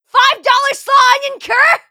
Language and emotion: English, surprised